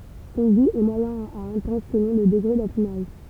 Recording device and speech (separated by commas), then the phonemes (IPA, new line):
temple vibration pickup, read sentence
sɔ̃ ɡu ɛ mwajɛ̃ a ɛ̃tɑ̃s səlɔ̃ lə dəɡʁe dafinaʒ